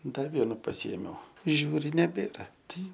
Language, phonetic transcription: Lithuanian, ˈda ˈvienu paˈsiėmiau ˈžiūri neˈbėra ˈtai

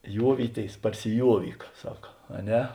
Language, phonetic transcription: Lithuanian, ˈjuovyˌtėis parsiˈjuovyk ˈsaka a ˈne

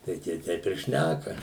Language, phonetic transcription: Lithuanian, tai ˈtie ˈteip ir ˈšnæka

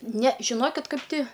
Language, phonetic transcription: Lithuanian, ne žiˈnokit ˈkaip ˈti

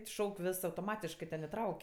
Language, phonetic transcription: Lithuanian, ˈšauk' ˈvis autoˈmatiškɜ ten iˈtrauk'

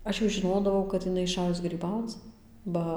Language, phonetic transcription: Lithuanian, ˈaš jau žiˈnodavau kad iˈnai iˈšajus gryˈbauc ˈba

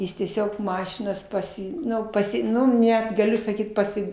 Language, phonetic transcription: Lithuanian, ˈjis tieˈsiog ˈmašinas paˈsi ˈnu paˈsi ˈnu ˈnet gaˈliu saˈkyt paˈsi

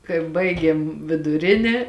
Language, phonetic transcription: Lithuanian, kai ˈbaigėm viduˈrinė

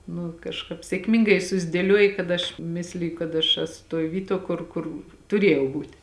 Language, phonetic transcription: Lithuanian, nu kažˈkāp sėkˈmingai susdėˈliuoji kad ˈaš ˈmisliju kad aš ˈesu toj ˈvyˌtuo ˈkur kur tuˈrėjau ˈbūt'

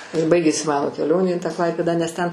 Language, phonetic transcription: Lithuanian, ir ˈbaigėsi ˈmano keˈlionė į tą ˈklaipėdą nes ten

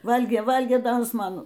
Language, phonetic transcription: Lithuanian, ˈvalgė ˈvalgė ˈda ˈjis ˈman

